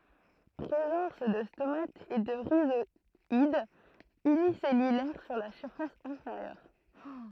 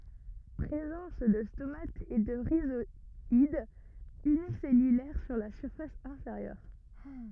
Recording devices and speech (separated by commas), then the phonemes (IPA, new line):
throat microphone, rigid in-ear microphone, read sentence
pʁezɑ̃s də stomatz e də ʁizwadz ynisɛlylɛʁ syʁ la fas ɛ̃feʁjœʁ